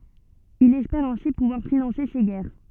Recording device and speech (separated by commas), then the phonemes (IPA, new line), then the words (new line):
soft in-ear microphone, read sentence
il ɛspɛʁ ɛ̃si puvwaʁ finɑ̃se se ɡɛʁ
Il espère ainsi pouvoir financer ses guerres.